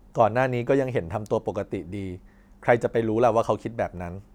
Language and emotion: Thai, neutral